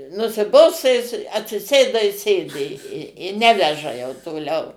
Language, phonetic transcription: Lithuanian, nusiˈbosta jis atsiˈsėda i ˈsėdi i ˈneveža jau toˈliau

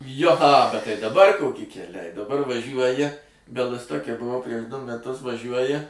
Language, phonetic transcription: Lithuanian, ˈjo a ˈbet ˈtai daˈbar ˈkoki keˈliai daˈbar vaˈžiuoji bialɨstoke buˈvau prieš ˈdu meˈtus vaˈžiuoji

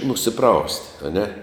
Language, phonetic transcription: Lithuanian, nusiˈpraust' aˈne

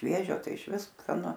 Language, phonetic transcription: Lithuanian, ˈšviežio ˈtai išˈvis skaˈnu

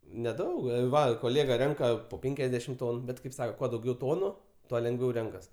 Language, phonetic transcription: Lithuanian, neˈdaug ˈva koˈlėga ˈrenka po ˈpenkiasdešim ˈtonu ˈbet kaip ˈsako ˈkuo dauˈgiau ˈtonu ˈtuo lengˈviau ˈrenkas

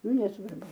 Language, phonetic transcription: Lithuanian, ˈnu nesvarˈbu

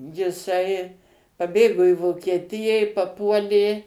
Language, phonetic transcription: Lithuanian, jiˈsai paˈbėgo i vokieˈtiją i paˈpuolė

